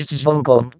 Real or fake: fake